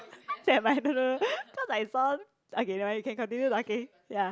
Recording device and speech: close-talking microphone, conversation in the same room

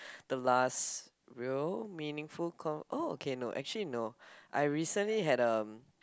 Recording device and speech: close-talking microphone, conversation in the same room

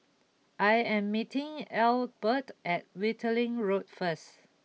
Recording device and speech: mobile phone (iPhone 6), read sentence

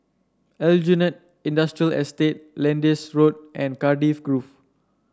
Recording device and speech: standing microphone (AKG C214), read sentence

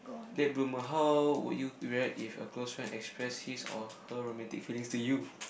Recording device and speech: boundary microphone, conversation in the same room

